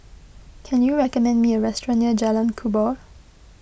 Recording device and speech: boundary microphone (BM630), read sentence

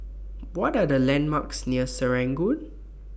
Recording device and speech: boundary microphone (BM630), read sentence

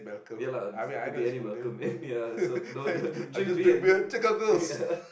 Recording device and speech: boundary microphone, conversation in the same room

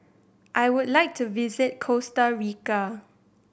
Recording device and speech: boundary microphone (BM630), read sentence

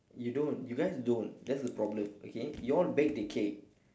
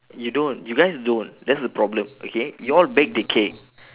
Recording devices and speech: standing microphone, telephone, conversation in separate rooms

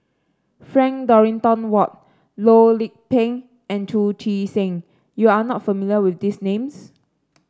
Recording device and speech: standing microphone (AKG C214), read sentence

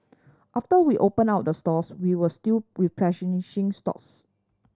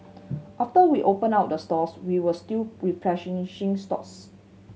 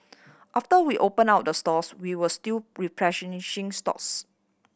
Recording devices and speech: standing microphone (AKG C214), mobile phone (Samsung C7100), boundary microphone (BM630), read sentence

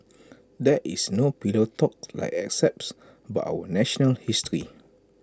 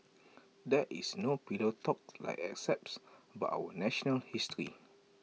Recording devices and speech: close-talking microphone (WH20), mobile phone (iPhone 6), read sentence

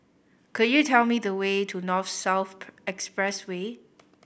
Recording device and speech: boundary microphone (BM630), read sentence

